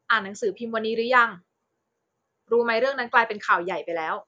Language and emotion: Thai, neutral